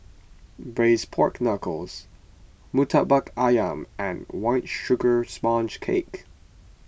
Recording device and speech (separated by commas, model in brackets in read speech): boundary microphone (BM630), read sentence